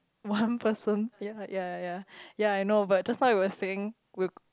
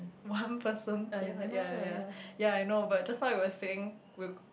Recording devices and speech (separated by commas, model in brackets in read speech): close-talking microphone, boundary microphone, conversation in the same room